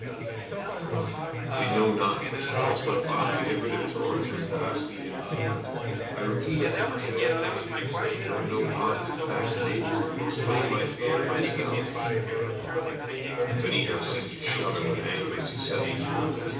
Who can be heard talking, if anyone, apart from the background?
One person.